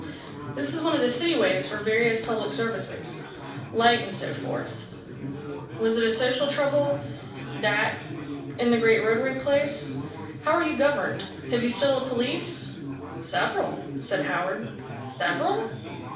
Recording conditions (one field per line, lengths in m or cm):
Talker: one person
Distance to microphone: 5.8 m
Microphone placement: far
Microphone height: 1.8 m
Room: medium-sized (5.7 m by 4.0 m)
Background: babble